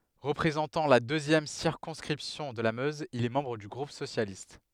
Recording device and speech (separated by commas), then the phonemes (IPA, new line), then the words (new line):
headset microphone, read sentence
ʁəpʁezɑ̃tɑ̃ la døzjɛm siʁkɔ̃skʁipsjɔ̃ də la møz il ɛ mɑ̃bʁ dy ɡʁup sosjalist
Représentant la deuxième circonscription de la Meuse, il est membre du groupe socialiste.